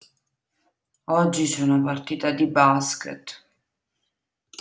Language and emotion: Italian, sad